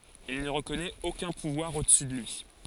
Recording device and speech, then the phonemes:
forehead accelerometer, read sentence
il nə ʁəkɔnɛt okœ̃ puvwaʁ odəsy də lyi

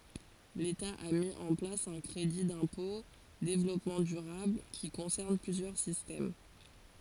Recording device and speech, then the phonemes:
forehead accelerometer, read sentence
leta a mi ɑ̃ plas œ̃ kʁedi dɛ̃pɔ̃ devlɔpmɑ̃ dyʁabl ki kɔ̃sɛʁn plyzjœʁ sistɛm

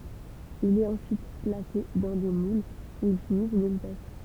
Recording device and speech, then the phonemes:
temple vibration pickup, read sentence
il ɛt ɑ̃syit plase dɑ̃ de mulz u il fini sɔ̃n eɡutaʒ

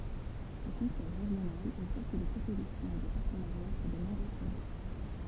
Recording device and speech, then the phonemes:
temple vibration pickup, read sentence
lə kɔ̃sɛj ʁeʒjonal ɛ fɔʁs də pʁopozisjɔ̃ e də paʁtənaʁja puʁ də nɔ̃bʁø pʁoʒɛ

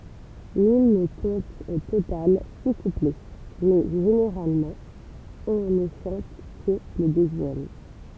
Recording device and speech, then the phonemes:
temple vibration pickup, read sentence
limn kɔ̃t o total si kuplɛ mɛ ʒeneʁalmɑ̃ ɔ̃ nə ʃɑ̃t kə lə døzjɛm

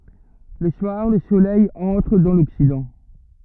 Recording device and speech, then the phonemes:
rigid in-ear microphone, read sentence
lə swaʁ lə solɛj ɑ̃tʁ dɑ̃ lɔksidɑ̃

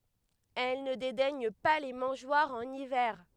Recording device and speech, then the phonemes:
headset microphone, read sentence
ɛl nə dedɛɲ pa le mɑ̃ʒwaʁz ɑ̃n ivɛʁ

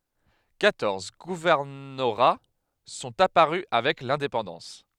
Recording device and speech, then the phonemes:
headset microphone, read sentence
kwatɔʁz ɡuvɛʁnoʁa sɔ̃t apaʁy avɛk lɛ̃depɑ̃dɑ̃s

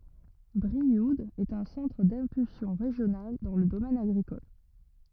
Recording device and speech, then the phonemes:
rigid in-ear microphone, read sentence
bʁiud ɛt œ̃ sɑ̃tʁ dɛ̃pylsjɔ̃ ʁeʒjonal dɑ̃ lə domɛn aɡʁikɔl

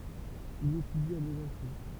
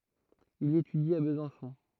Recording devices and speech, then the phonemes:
temple vibration pickup, throat microphone, read sentence
il etydi a bəzɑ̃sɔ̃

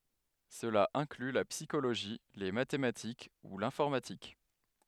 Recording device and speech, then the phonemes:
headset microphone, read sentence
səla ɛ̃kly la psikoloʒi le matematik u lɛ̃fɔʁmatik

